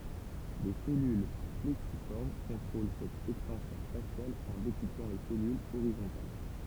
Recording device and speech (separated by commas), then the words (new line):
temple vibration pickup, read sentence
Les cellules plexiformes contrôlent cette extension spatiale en découplant les cellules horizontales.